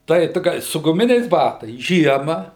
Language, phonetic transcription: Lithuanian, tai ˈtu gal' su guˈminiais ˈbatais ˈžiema

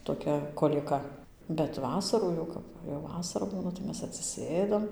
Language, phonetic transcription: Lithuanian, toˈkia kolieˈka bet ˈvasarų jau ˈkap ˈva jau ˈvasara ˈbūna tai ˈmes atsiˈsėdam

